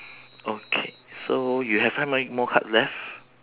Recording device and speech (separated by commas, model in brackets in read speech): telephone, conversation in separate rooms